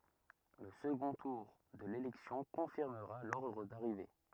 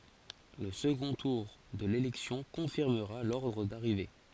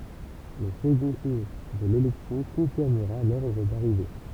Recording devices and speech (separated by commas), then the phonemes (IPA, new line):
rigid in-ear microphone, forehead accelerometer, temple vibration pickup, read sentence
lə səɡɔ̃ tuʁ də lelɛksjɔ̃ kɔ̃fiʁməʁa lɔʁdʁ daʁive